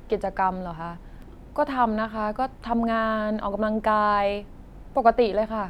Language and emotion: Thai, neutral